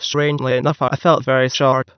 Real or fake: fake